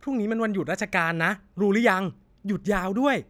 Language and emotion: Thai, happy